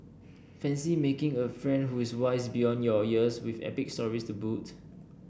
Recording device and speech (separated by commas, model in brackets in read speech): boundary microphone (BM630), read sentence